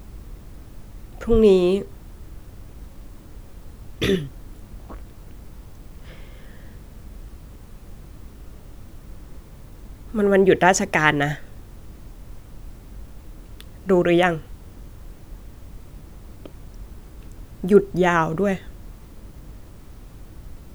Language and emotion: Thai, sad